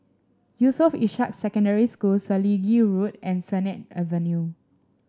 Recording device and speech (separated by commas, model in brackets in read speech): standing microphone (AKG C214), read sentence